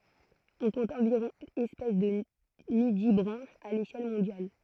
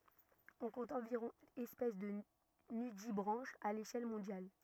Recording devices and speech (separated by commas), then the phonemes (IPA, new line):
throat microphone, rigid in-ear microphone, read sentence
ɔ̃ kɔ̃t ɑ̃viʁɔ̃ ɛspɛs də nydibʁɑ̃ʃz a leʃɛl mɔ̃djal